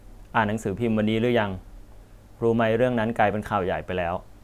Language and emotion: Thai, neutral